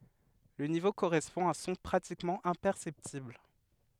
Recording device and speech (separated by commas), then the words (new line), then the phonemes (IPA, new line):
headset microphone, read sentence
Le niveau correspond à un son pratiquement imperceptible.
lə nivo koʁɛspɔ̃ a œ̃ sɔ̃ pʁatikmɑ̃ ɛ̃pɛʁsɛptibl